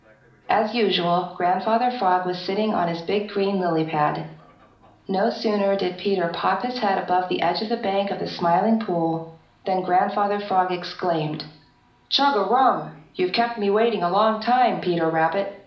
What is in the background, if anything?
A television.